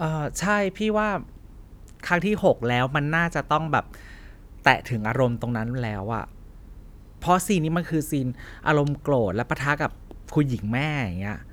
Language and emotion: Thai, frustrated